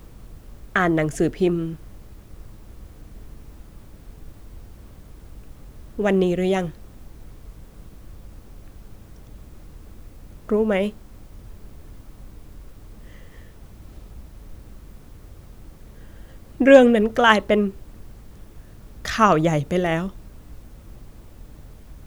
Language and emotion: Thai, sad